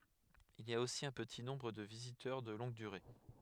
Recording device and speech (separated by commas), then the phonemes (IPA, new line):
headset microphone, read sentence
il i a osi œ̃ pəti nɔ̃bʁ də vizitœʁ də lɔ̃ɡ dyʁe